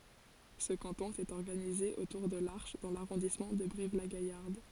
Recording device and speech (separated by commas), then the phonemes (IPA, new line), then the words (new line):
forehead accelerometer, read sentence
sə kɑ̃tɔ̃ etɛt ɔʁɡanize otuʁ də laʁʃ dɑ̃ laʁɔ̃dismɑ̃ də bʁivlaɡajaʁd
Ce canton était organisé autour de Larche dans l'arrondissement de Brive-la-Gaillarde.